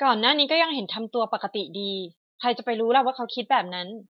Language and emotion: Thai, neutral